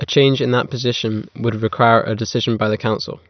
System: none